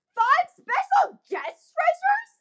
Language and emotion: English, disgusted